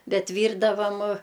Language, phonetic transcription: Lithuanian, ˈbet ˈvyrdavam

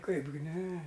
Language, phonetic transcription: Lithuanian, ˈkaipgi ˈne

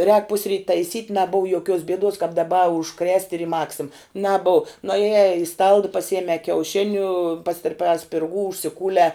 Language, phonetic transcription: Lithuanian, rēk ˈpusryt taiˈsyt' naˈbov joˈkiuos bieˈduos kap daˈba už krest' ir i ˈmaksim naˈbuu nuaˈjē i stald paˈsijemē kiauˈšiniu pastirˈpē spirˈgų užsiˈkūlē

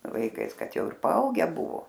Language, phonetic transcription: Lithuanian, vaiˈkais ˈkad ˈjau ir paˈauge ˈbuvo

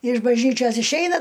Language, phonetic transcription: Lithuanian, iš bažˈnyčios išˈeina

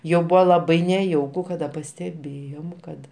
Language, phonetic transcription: Lithuanian, ˈjau ˈbuvo laˈbai neˈjauku kaˈda pasteˈbėjom ˈkad

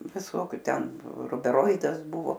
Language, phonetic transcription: Lithuanian, viˈsokiu ˈten rubeˈroidas ˈbuvo

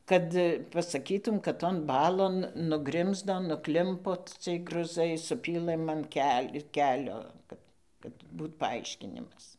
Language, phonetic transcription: Lithuanian, ˈkad pasaˈkytūm kad ton ˈbalon nuˈgrimzdo nuˈklimpo ˈciej gruˈzai suˈpylɘm an ˈkel' ir ˈkelio ˈkad kad ˈbūt paˈaiškinimas

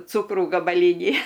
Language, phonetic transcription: Lithuanian, ˈcūkrų gabaˈlynį

